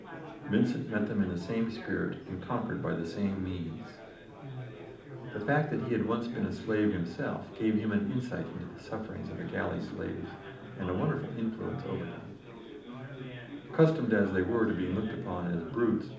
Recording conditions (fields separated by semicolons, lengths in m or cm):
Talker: one person; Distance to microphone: 2.0 m; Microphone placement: close; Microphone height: 99 cm; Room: medium-sized (5.7 m by 4.0 m); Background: babble